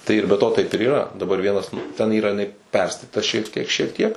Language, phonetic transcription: Lithuanian, tai ir be ˈto ˈtaip ir yˈra daˈbar ˈvienas ten ˈyra jiˈnai ˈperstatita šiek ˈtiek šiek ˈtiek

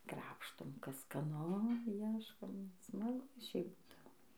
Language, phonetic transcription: Lithuanian, ˈkrapštom ˈkas skaˈnu ˈieškom smaˈgu ˈšiaip ˈbūdavo

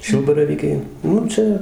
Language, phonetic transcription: Lithuanian, ˈšilbaravykiai ˈnu ˈčia

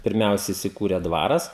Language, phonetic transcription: Lithuanian, pirˈmiausia isiˈkūrė ˈdvaras

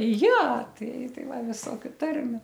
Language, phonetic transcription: Lithuanian, ˈja ˈtai ˈtai ˈva ˈvisokiu ˈtarmiu

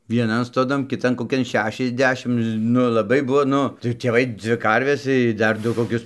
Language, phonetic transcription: Lithuanian, vieˈnan stoˈdan kiˈtan koˈkian ˈšešiasˌdešim ˈnu laˈbai ˈbuvo ˈnu tai tėˈvai ˈdzvi ˈkarves i ˈdar ˈdu koˈkius

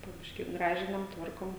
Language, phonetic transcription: Lithuanian, po ˈbiškį ˈgražinam ˈtvarkom

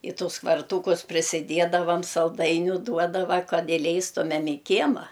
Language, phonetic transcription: Lithuanian, i ˈtus kvarˈtūkus prisiˈdiedavam salˈdainiu ˈduodava ˈkad iˈleistumem i ˈkiema

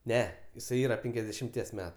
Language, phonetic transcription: Lithuanian, ˈne jiˈsai ˈyra ˈpenkiasdešimˌties ˈmetu

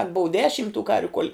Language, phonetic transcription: Lithuanian, al' bou ˈdešim tų ˈkarviu kol'

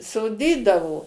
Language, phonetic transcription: Lithuanian, soˈdydavo

